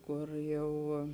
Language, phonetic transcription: Lithuanian, ˈkur ˈjau

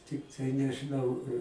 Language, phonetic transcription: Lithuanian, ˈtiktai nežiˈnau

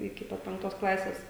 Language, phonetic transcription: Lithuanian, iki ˈpat penkˈtos ˈklasės

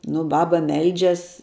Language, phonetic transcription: Lithuanian, ˈnu ˈbaba ˈmeldžias

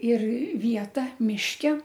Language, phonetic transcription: Lithuanian, ir ˈvieta mišˈke

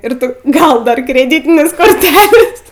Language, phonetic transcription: Lithuanian, ir ˈtu ˈgal ˈdar kreˈdytinės korˈtelės

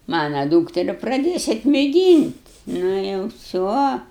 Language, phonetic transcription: Lithuanian, ˈmana ˈdūkteri praˈdėsiat mėˈgynt' ˈnu jau ˈvsio

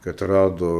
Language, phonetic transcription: Lithuanian, kad ˈrado

